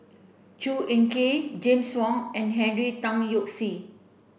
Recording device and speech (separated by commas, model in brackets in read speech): boundary microphone (BM630), read sentence